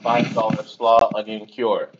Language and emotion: English, neutral